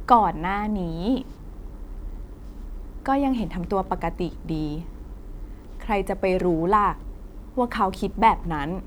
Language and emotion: Thai, neutral